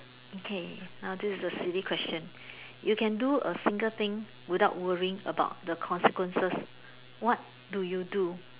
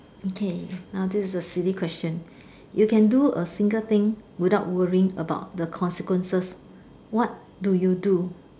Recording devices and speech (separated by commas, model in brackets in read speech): telephone, standing microphone, conversation in separate rooms